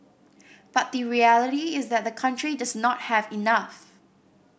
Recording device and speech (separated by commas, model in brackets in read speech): boundary microphone (BM630), read sentence